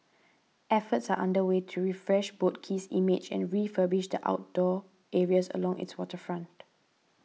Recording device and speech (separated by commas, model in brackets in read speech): mobile phone (iPhone 6), read sentence